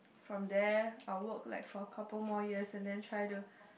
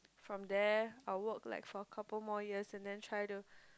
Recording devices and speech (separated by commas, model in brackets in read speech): boundary microphone, close-talking microphone, conversation in the same room